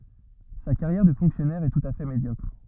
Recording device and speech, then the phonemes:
rigid in-ear microphone, read sentence
sa kaʁjɛʁ də fɔ̃ksjɔnɛʁ ɛ tut a fɛ medjɔkʁ

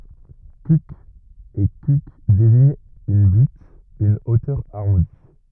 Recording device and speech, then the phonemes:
rigid in-ear microphone, read sentence
kyk e kyk deziɲt yn byt yn otœʁ aʁɔ̃di

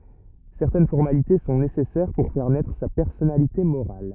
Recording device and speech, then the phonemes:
rigid in-ear microphone, read sentence
sɛʁtɛn fɔʁmalite sɔ̃ nesɛsɛʁ puʁ fɛʁ nɛtʁ sa pɛʁsɔnalite moʁal

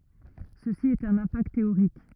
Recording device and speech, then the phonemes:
rigid in-ear microphone, read sentence
səsi ɛt œ̃n ɛ̃pakt teoʁik

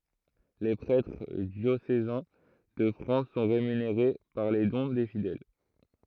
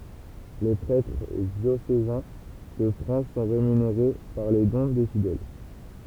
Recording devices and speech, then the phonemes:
throat microphone, temple vibration pickup, read sentence
le pʁɛtʁ djosezɛ̃ də fʁɑ̃s sɔ̃ ʁemyneʁe paʁ le dɔ̃ de fidɛl

